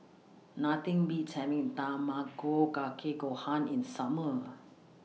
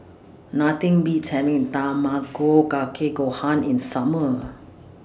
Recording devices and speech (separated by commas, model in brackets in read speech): mobile phone (iPhone 6), standing microphone (AKG C214), read sentence